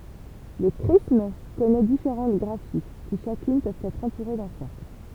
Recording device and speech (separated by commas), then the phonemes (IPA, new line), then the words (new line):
temple vibration pickup, read sentence
lə kʁism kɔnɛ difeʁɑ̃t ɡʁafi ki ʃakyn pøvt ɛtʁ ɑ̃tuʁe dœ̃ sɛʁkl
Le chrisme connait différentes graphies qui, chacune, peuvent être entourés d’un cercle.